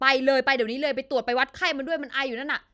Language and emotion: Thai, frustrated